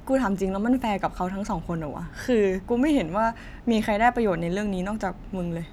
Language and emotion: Thai, frustrated